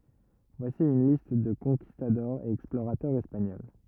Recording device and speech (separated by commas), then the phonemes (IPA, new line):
rigid in-ear microphone, read sentence
vwasi yn list də kɔ̃kistadɔʁz e ɛksploʁatœʁz ɛspaɲɔl